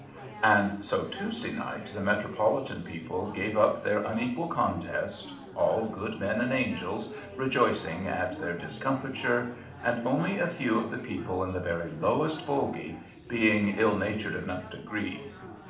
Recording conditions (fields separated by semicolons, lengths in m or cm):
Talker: one person; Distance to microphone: 2.0 m; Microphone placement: close; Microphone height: 99 cm; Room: medium-sized (5.7 m by 4.0 m); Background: babble